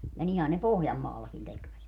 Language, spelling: Finnish, ja niinhän ne Pohjanmaallakin tekivät
- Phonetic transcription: ja 'nihän ne "Pohjammaallakin tekvät .

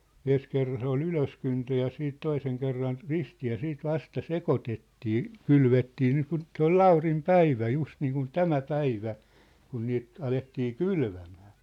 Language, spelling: Finnish, ensi kerran se oli ylöskyntö ja sitten toisen kerran ristiin ja sitten vasta sekoitettiin kylvettiin niin kuin se oli Laurin päivä just niin kuin tämä päivä kun niitä alettiin kylvämään
- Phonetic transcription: 'en̬s kerran se ‿ol "ylöskyntö ja 'siit 'toiseŋ kerran , "ristii ja 'siit "vasta "sekotettii , "kylvettii niikun , 'se ‿ol "ʟaurim "päivä 'just niikun "tämä "päivä , 'kun niit 'alettii "kylvämᴀ̈ᴀ̈ .

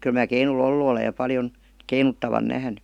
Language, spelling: Finnish, kyllä minä keinulla ollut olen ja paljon keinuttavan nähnyt
- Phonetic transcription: 'kyl mää keinu"l ‿ollu olej ja 'paljon , 'keinuttavan "nähny .

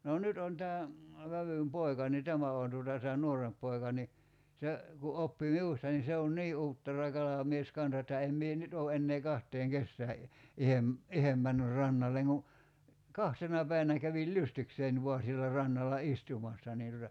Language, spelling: Finnish, no nyt on tämä vävyn poika niin tämä on tuota tämä nuorempi poika niin se kun oppi minusta niin se on niin uuttera kalamies kanssa että en minä nyt ole enää kahteen kesään - itse itse mennyt rannalle kuin kahtena päivänä kävin lystikseni vain siellä rannalla istumassa niin tuota
- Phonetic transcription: noo 'nyt on tää , 'vävym "poi̬ka ni "tämä òn tuota tää "nuoremp poi̬ka ni , 'se , ku 'oppi "miusta ni 'se on "nii 'uuttera 'kalamies 'kansa että 'em mie "nyt oo 'ennee 'kaht̀eeŋ "kessää i- , 'ihem , "ihem männyr 'rannalleŋ ku , "kahtena 'päi[vä]nä kävil "lystiksein 'voa siellä 'rannalla "istumassa niin tuta ,.

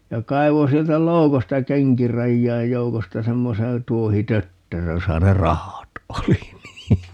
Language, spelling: Finnish, ja kaivoi sieltä loukosta kenkirajojen joukosta semmoisen tuohitötterön jossa ne rahat oli niin
- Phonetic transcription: 'ja 'kai̮vo 'sieltä "loukosta "keŋkirajjaij 'joukosta 'semmoseè , 'tuohi"tötteröj 'josa ne "rahat 'oli nii .

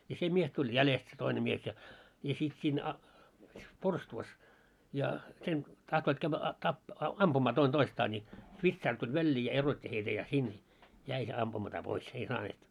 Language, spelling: Finnish, ja se mies tuli jäljestä se toinen mies ja ja sitten siinä - porstuassa ja sen tahtoivat käydä - - ampumaan toinen toistaan niin vitsaari tuli väliin ja erotti heitä ja sinne jäi se ampumatta pois ei saaneet
- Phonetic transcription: ja 'se 'mies tuĺ "jälest se 'toine mies ja , ja sit siin a- , 'porstuvas , ja , sen , 'tahtoit kävvä a- tap- , "ampumaa 'toin 'toistaa ńi , 'vitsaar tuĺ 'väĺĺii ja 'erot́t́i heitä ja 'sin , 'jäi , se 'ampumata 'pois , 'ei 'saaneet .

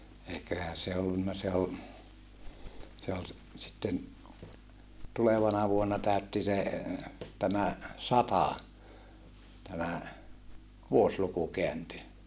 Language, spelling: Finnish, eiköhän se ollut se on se oli - sitten tulevana vuonna täytti se tämä sata tämä vuosiluku kääntyi
- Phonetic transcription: eiköhä se ollunna se o , se ol s- , sitten , tulevana vuonna tä̀ötti se , tämä , sata , tämä , vuosluku keänty .

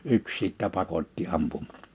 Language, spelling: Finnish, yksi sitten pakotti -
- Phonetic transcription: 'yks sìttä 'pakot́ti 'ampum- .

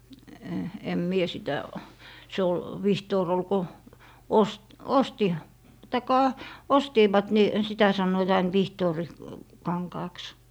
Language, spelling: Finnish, en minä sitä se oli vihtori oli kun - osti tai ostivat niin sitä sanoivat aina - vihtorikankaaksi
- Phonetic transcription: em 'mie sitä , 'se ol , "vihtoor ‿ol 'ko , 'os- , 'osti , 'taikka , "ostiivat ni , 'sitä sannoit ain "vihtoori- , -'kaŋkaaks .

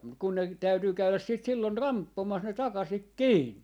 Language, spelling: Finnish, mutta kun ne täytyy käydä sitten silloin ramppomassa ne takaisin kiinni
- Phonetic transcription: muk kun ne , 'täytyy 'käyläs siit 'sillon "ramppomas ne 'takasik "kiinni .

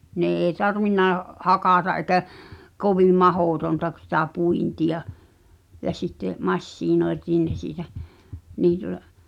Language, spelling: Finnish, ne ei tarvinnut hakata eikä kovin mahdotonta - sitä puintia ja sitten masinointiin ne siitä niin tuota
- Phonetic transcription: nè ee "tarvinna , "hakàta’ ’ekä , 'kovìᵐ "mahòtonta k- , sitä 'puinti₍a , ja sitte , 'massiinoetiin ne siitä , (nii tuᵒta) ,.

